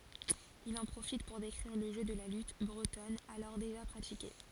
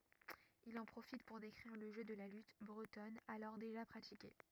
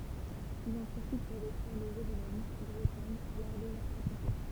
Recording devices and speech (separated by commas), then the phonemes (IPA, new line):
forehead accelerometer, rigid in-ear microphone, temple vibration pickup, read sentence
il ɑ̃ pʁofit puʁ dekʁiʁ lə ʒø də la lyt bʁətɔn alɔʁ deʒa pʁatike